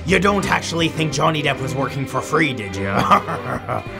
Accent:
Pirate Accent